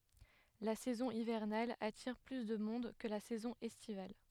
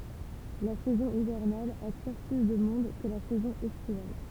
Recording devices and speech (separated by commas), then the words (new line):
headset microphone, temple vibration pickup, read sentence
La saison hivernale attire plus de monde que la saison estivale.